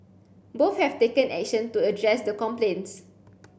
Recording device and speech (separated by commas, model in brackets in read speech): boundary microphone (BM630), read sentence